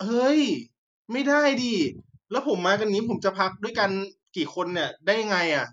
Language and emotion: Thai, frustrated